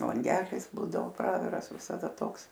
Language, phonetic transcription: Lithuanian, lanˈgelis ˈbūdao ˈpraviras visaˈda ˈtoks

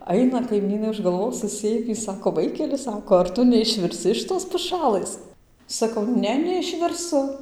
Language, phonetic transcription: Lithuanian, ˈaina kaiˈmynai už galˈvos suˈsėmį ˈsako ˈvaikeli ˈsako ar ˈtu neišvirˈsi iš ˈtos puˈšalɘs saˈkau ˈne neišvirˈsu

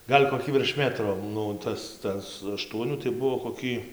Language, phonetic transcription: Lithuanian, ˈgal' koˈkį virš ˈmetro ˈnu ˈtas ˈtas aˈštuonių tai ˈbuo koˈkį

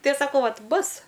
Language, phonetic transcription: Lithuanian, ˈtai aš saˈkau ˈvat' ˈbus'

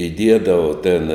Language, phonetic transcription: Lithuanian, iˈdiedavo ten

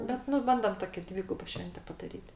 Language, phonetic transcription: Lithuanian, ˈbet nu ˈbandom ˈtoki ˈdvygubo ˈšvente padaˈryt'

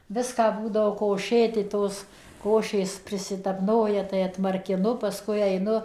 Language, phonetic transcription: Lithuanian, ˈviską ˈbūdavo koˈšėti ˈtos ˈkošės prisitapˈnoja tai atmarkiˈnu paˈskui aiˈnu

